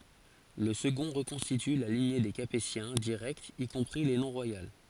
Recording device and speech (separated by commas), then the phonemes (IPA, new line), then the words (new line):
forehead accelerometer, read sentence
lə səɡɔ̃ ʁəkɔ̃stity la liɲe de kapetjɛ̃ diʁɛktz i kɔ̃pʁi le nɔ̃ ʁwajal
Le second reconstitue la lignée des Capétiens directs y compris les non royales.